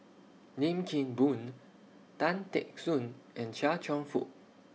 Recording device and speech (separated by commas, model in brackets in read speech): mobile phone (iPhone 6), read sentence